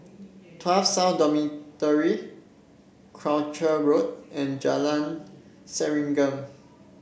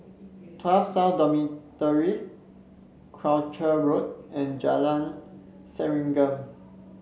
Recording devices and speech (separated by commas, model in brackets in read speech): boundary microphone (BM630), mobile phone (Samsung C7), read sentence